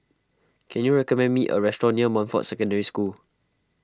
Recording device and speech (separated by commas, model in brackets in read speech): close-talking microphone (WH20), read sentence